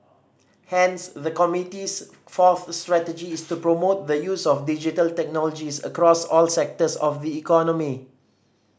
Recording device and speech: standing microphone (AKG C214), read sentence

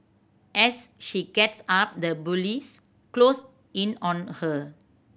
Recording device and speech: boundary microphone (BM630), read sentence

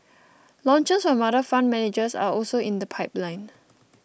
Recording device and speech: boundary microphone (BM630), read sentence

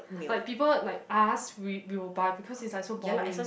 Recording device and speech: boundary microphone, conversation in the same room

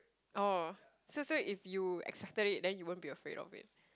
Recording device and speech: close-talking microphone, conversation in the same room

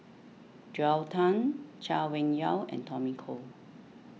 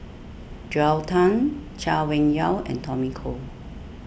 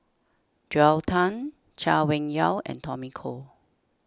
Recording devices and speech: mobile phone (iPhone 6), boundary microphone (BM630), standing microphone (AKG C214), read sentence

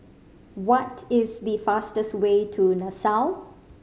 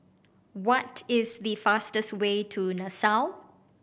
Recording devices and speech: mobile phone (Samsung C5010), boundary microphone (BM630), read sentence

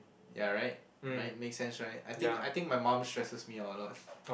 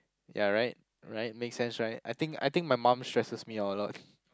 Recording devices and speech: boundary microphone, close-talking microphone, conversation in the same room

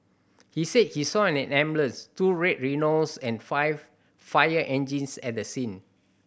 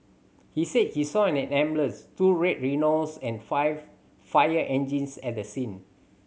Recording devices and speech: boundary microphone (BM630), mobile phone (Samsung C7100), read sentence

